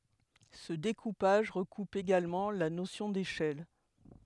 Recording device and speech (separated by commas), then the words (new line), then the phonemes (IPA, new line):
headset microphone, read sentence
Ce découpage recoupe également la notion d'échelle.
sə dekupaʒ ʁəkup eɡalmɑ̃ la nosjɔ̃ deʃɛl